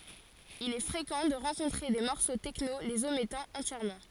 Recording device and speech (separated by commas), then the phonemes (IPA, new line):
forehead accelerometer, read sentence
il ɛ fʁekɑ̃ də ʁɑ̃kɔ̃tʁe de mɔʁso tɛkno lez omɛtɑ̃ ɑ̃tjɛʁmɑ̃